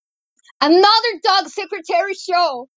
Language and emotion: English, sad